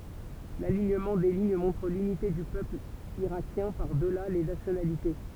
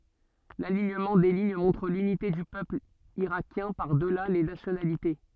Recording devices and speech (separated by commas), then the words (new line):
temple vibration pickup, soft in-ear microphone, read sentence
L'alignement des lignes montre l'unité du peuple irakien par-delà les nationalités.